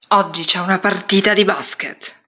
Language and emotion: Italian, angry